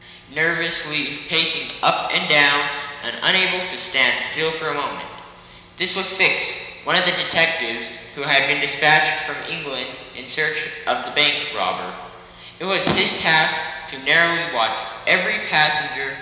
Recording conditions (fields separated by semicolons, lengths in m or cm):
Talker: one person; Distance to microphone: 1.7 m; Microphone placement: close; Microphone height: 1.0 m; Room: very reverberant, large; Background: none